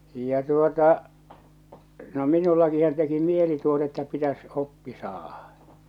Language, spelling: Finnish, ja tuota no minullakinhan teki mieli tuota että pitäisi oppia saada
- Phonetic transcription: ja tuota , no 'minullakihan teki 'mieli tuota että pitäs 'oppi saahᴀ .

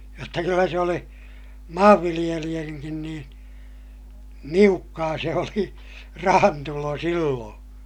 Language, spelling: Finnish, jotta kyllä se oli maanviljelijänkin niin niukkaa se oli rahantulo silloin
- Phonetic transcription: jotta kyllä se oli , maavviliʲeliʲäŋkin niin , niukkaa se oli , rahantulo silloo̰ .

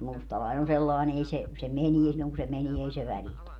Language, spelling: Finnish, mutta mustalainen on sellainen ei se se menee silloin kun se menee ei se välitä
- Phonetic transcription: mut 'mustalain ‿on 'sellain ‿ei se , se "menie silloŋ ku se 'menie ei se "välitä .

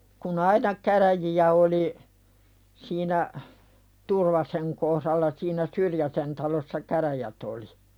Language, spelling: Finnish, kun aina käräjiä oli siinä Turvasen kohdalla siinä Syrjäsen talossa käräjät oli
- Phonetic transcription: ku"n ‿aina käräji₍ä oli , siinä 'Turvaseŋ kohðalla siinä "Syrjäsen talossa 'käräjät ‿oli .

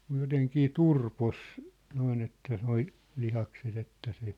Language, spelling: Finnish, mutta jotenkin turposi noin että nuo lihakset että se
- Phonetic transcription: mŭj 'joteŋkii "turpos , 'noin ‿että 'noi , 'lihakset ‿että se ,.

